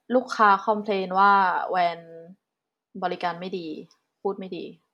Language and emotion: Thai, frustrated